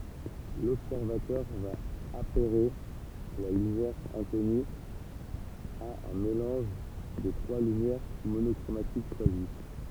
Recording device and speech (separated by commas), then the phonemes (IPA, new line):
temple vibration pickup, read sentence
lɔbsɛʁvatœʁ va apɛʁe la lymjɛʁ ɛ̃kɔny a œ̃ melɑ̃ʒ de tʁwa lymjɛʁ monɔkʁomatik ʃwazi